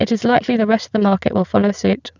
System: VC, spectral filtering